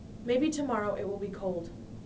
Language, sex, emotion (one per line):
English
female
neutral